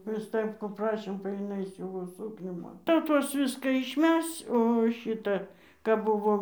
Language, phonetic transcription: Lithuanian, prɨ ˈstɜpkų ˈprašėm ba jiˈnai ˈsiūvo ˈsūknių ˈman tai jau ˈtuos ˈviska išˈmesc o ˈšita kap ˈbuvom

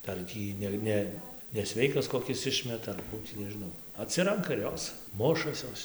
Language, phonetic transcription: Lithuanian, ˈdar ˈtį ne ˈne neˈsveikas koˈkis ˈišmeta ar ˈkų tį nežiˈnau aˈtsiranka ir ˈjos ˈmušas ˈjos

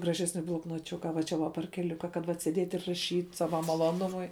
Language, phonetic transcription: Lithuanian, graˈžesni bloknoˈčiuka va ˈčia va parkeˈliuka kad ˈvat sėˈdėt' ir raˈšyt' ˈsava maloˈnumui

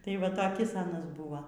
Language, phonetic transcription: Lithuanian, tai ˈva taˈkis ˈanas ˈbuva

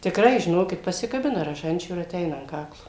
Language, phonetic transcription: Lithuanian, tikˈrai žiˈnokit pasikaˈbina raˈžančių ir aˈteina an ˈkaklo

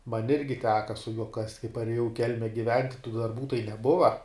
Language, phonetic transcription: Lithuanian, man' ˈirgi ˈteka su juo kast' kai parėˈjau i ˈkelme giˈvent tų darˈbų tai neˈbuva

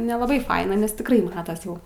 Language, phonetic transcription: Lithuanian, nelaˈbai ˈfaina nes tikˈrai ˈmatas ˈjau

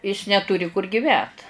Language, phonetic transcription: Lithuanian, is netuˈri kur giˈvęt

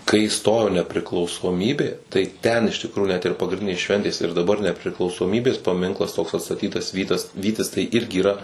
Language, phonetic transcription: Lithuanian, kai ˈstojo nepriklausoˈmybė tai ˈten iš tikˈrųju net ir pagrinˈdinės ˈšventės ir daˈbar nepriklausoˈmybės paˈminklas toks atstaˈtytas ˈvytas ˈvytis tai ˈirgi yˈra

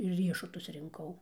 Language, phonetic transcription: Lithuanian, ir ˈriešutus rinˈkau

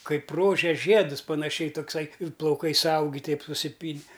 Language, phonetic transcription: Lithuanian, ˈkaip ˈrožės ˈžiedus panaˈšiai tokˈsai ir plauˈkai suˈaugi ˈteip susiˈpyni

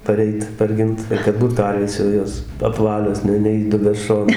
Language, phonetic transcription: Lithuanian, paˈreit parˈgint ir kad ˈbūt ˈkarvės jau ˈjos apˈvalios ˈne neįˈdubę ˈšonai

